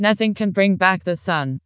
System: TTS, vocoder